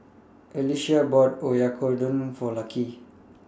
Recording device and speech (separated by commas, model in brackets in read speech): standing microphone (AKG C214), read sentence